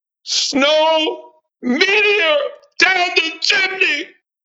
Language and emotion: English, happy